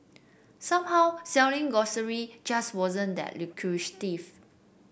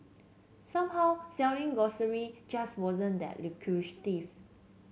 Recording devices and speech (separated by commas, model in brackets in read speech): boundary microphone (BM630), mobile phone (Samsung C7), read sentence